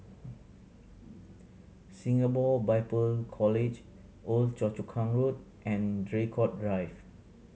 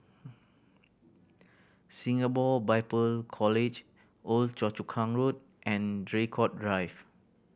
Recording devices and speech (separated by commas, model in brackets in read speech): mobile phone (Samsung C7100), boundary microphone (BM630), read sentence